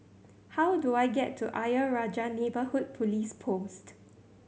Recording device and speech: mobile phone (Samsung C7100), read sentence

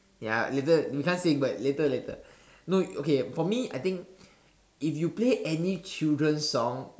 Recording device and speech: standing microphone, conversation in separate rooms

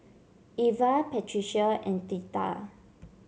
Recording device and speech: mobile phone (Samsung C7), read sentence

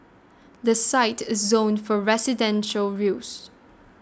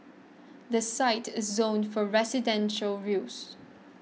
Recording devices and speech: standing microphone (AKG C214), mobile phone (iPhone 6), read sentence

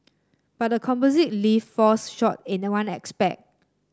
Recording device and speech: standing microphone (AKG C214), read sentence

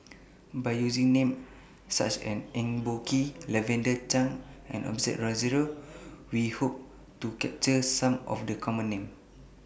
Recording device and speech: boundary microphone (BM630), read sentence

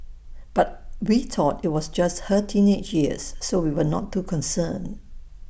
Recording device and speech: boundary microphone (BM630), read sentence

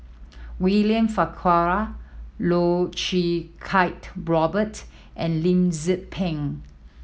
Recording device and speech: mobile phone (iPhone 7), read sentence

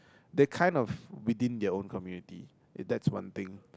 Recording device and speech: close-talking microphone, conversation in the same room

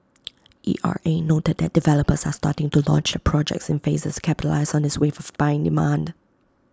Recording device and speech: close-talking microphone (WH20), read sentence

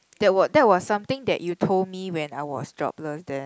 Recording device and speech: close-talking microphone, conversation in the same room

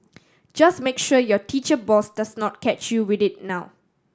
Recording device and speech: standing microphone (AKG C214), read sentence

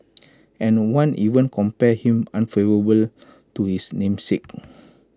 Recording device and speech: close-talking microphone (WH20), read sentence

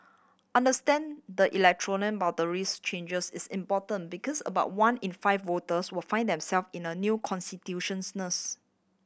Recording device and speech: boundary microphone (BM630), read sentence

